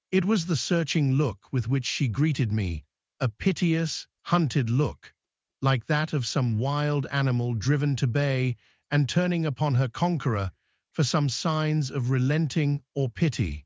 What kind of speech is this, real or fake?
fake